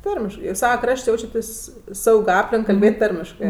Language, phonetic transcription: Lithuanian, ˈtarmiškɜ ir ˈsava ˈkraš't' ˈjaučiatės' ˈsaug' ˈaplink kalˈbėt' ˈtarmiškɜ

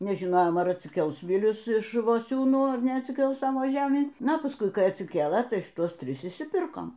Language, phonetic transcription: Lithuanian, nežiˈnojom ar atsiˈkels ˈvilius iš iš voˈsiūnų ar neatsiˈkels ˈsavo ˈžemį ˈna paˈskui ˈkai atsiˈkėlɘ ˈtai šiˈtuos ˈtris išsiˈpirkom

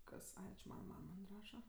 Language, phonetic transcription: Lithuanian, ˈkas ˈai či ˈmana ˈmam man' ˈraša

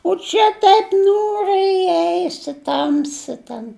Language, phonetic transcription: Lithuanian, o ˈčia ˈtaip ˈniūriai iˈeisi ˈtamsi ten

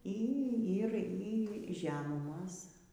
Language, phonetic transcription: Lithuanian, ˈy ˈy ˈir y ˈžemumos

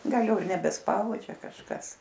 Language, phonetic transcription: Lithuanian, ˈgal ˈjau ir nebesˈpaudžia kažˈkas

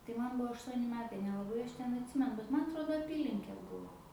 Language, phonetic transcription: Lithuanian, tai man ˈbuo ašˈtuoni ˈmetai nelaˈbai ˈaš ˈten atˈsimenu bet man atˈrodo aˈpylinkė ˈbuvo

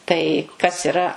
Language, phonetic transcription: Lithuanian, tai kas iˈra

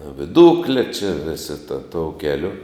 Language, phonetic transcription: Lithuanian, viˈdukle či ˈvisi ta tou ˈkeliu

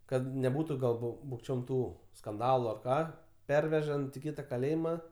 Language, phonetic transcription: Lithuanian, ˈkad neˈbūtu gal ˈbu bukˈčiom ˈtų skanˈdalu ar ˈką ˈpervežant i ˈkita kaˈlėjima

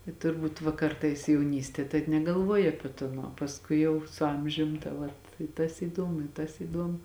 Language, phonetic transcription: Lithuanian, i turˈbūt va ˈkartais jauˈnystie ˈtaip negaˈlvuoji ˈapie ˈton uo pasˈkui jau su ˈamžium ta ˈvat i tas įˈdomu i tas įˈdomu

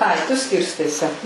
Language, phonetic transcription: Lithuanian, ˈai tu ˈskirstai se

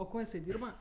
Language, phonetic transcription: Lithuanian, o ˈko jiˈsai ˈdyrba

